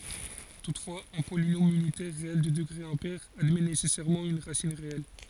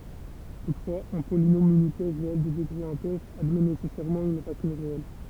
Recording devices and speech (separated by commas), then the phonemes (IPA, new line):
forehead accelerometer, temple vibration pickup, read sentence
tutfwaz œ̃ polinom ynitɛʁ ʁeɛl də dəɡʁe ɛ̃pɛʁ admɛ nesɛsɛʁmɑ̃ yn ʁasin ʁeɛl